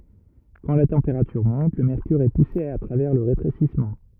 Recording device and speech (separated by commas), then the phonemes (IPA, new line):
rigid in-ear microphone, read sentence
kɑ̃ la tɑ̃peʁatyʁ mɔ̃t lə mɛʁkyʁ ɛ puse a tʁavɛʁ lə ʁetʁesismɑ̃